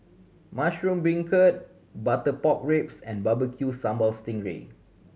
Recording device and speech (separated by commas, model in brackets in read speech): mobile phone (Samsung C7100), read sentence